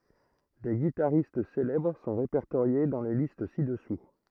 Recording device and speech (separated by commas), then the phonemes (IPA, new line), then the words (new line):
throat microphone, read sentence
de ɡitaʁist selɛbʁ sɔ̃ ʁepɛʁtoʁje dɑ̃ le list sidɛsu
Des guitaristes célèbres sont répertoriés dans les listes ci-dessous.